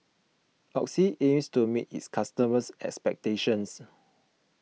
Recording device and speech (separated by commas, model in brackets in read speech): mobile phone (iPhone 6), read sentence